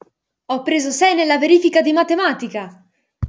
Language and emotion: Italian, happy